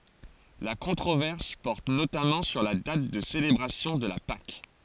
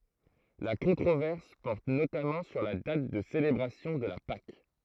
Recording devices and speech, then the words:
forehead accelerometer, throat microphone, read sentence
La controverse porte notamment sur la date de célébration de la Pâques.

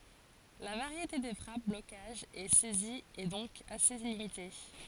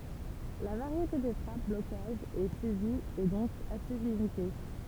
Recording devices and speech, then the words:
forehead accelerometer, temple vibration pickup, read sentence
La variété des frappes, blocages et saisies est donc assez limitée.

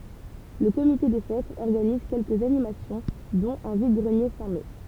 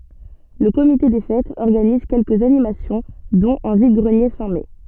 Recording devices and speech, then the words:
temple vibration pickup, soft in-ear microphone, read sentence
Le comité des fêtes organise quelques animations dont un vide-greniers fin mai.

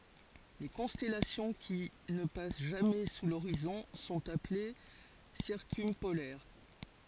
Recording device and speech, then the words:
forehead accelerometer, read sentence
Les constellations qui ne passent jamais sous l'horizon sont appelées circumpolaires.

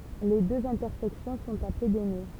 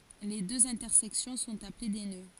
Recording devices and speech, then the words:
temple vibration pickup, forehead accelerometer, read sentence
Les deux intersections sont appelées des nœuds.

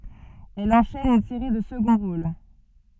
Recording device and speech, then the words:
soft in-ear microphone, read sentence
Elle enchaîne une série de seconds rôles.

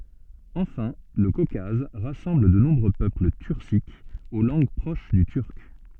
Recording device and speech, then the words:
soft in-ear microphone, read sentence
Enfin, le Caucase rassemble de nombreux peuples turciques, aux langues proches du turc.

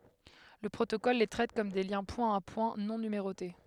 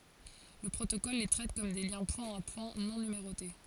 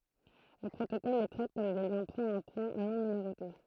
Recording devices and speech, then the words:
headset microphone, forehead accelerometer, throat microphone, read sentence
Le protocole les traite comme des liens point-à-point non numérotés.

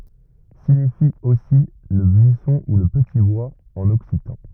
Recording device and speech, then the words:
rigid in-ear microphone, read sentence
Signifie aussi le buisson ou le petit bois en occitan.

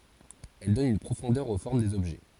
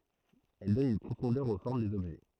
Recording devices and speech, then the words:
forehead accelerometer, throat microphone, read sentence
Elle donne une profondeur aux formes des objets.

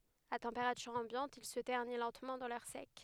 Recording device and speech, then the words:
headset microphone, read sentence
À température ambiante, il se ternit lentement dans l’air sec.

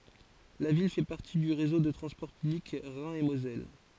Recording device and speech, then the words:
forehead accelerometer, read sentence
La ville fait partie du réseau de transport public Rhin et Moselle.

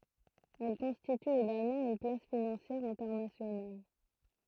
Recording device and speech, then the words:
throat microphone, read sentence
Elle constitue également une place financière internationale.

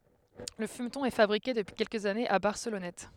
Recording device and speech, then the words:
headset microphone, read sentence
Le fumeton est fabriqué depuis quelques années à Barcelonnette.

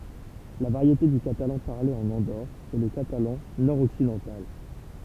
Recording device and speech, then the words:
temple vibration pickup, read sentence
La variété du catalan parlée en Andorre est le catalan nord-occidental.

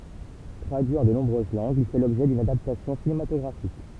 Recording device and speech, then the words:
temple vibration pickup, read sentence
Traduit en de nombreuses langues, il fait l'objet d'une adaptation cinématographique.

